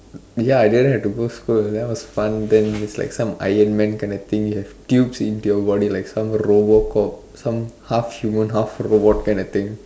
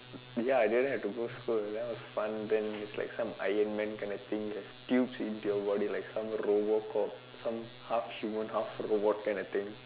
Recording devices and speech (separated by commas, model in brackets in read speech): standing microphone, telephone, conversation in separate rooms